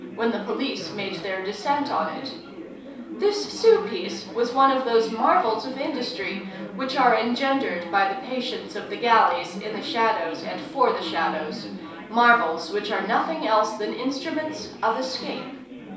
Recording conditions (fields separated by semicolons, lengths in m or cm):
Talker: one person; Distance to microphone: 3.0 m; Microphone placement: far; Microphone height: 1.8 m; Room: small (3.7 m by 2.7 m); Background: babble